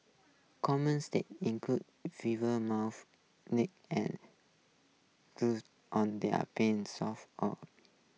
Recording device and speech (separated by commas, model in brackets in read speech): mobile phone (iPhone 6), read sentence